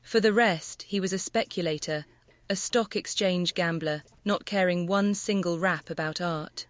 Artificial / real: artificial